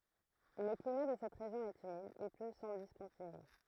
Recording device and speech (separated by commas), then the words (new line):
throat microphone, read sentence
Le climat de cette région est humide, il pleut sans discontinuer.